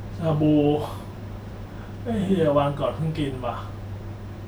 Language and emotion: Thai, frustrated